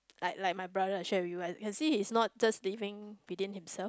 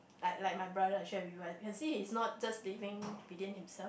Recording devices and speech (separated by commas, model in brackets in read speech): close-talking microphone, boundary microphone, conversation in the same room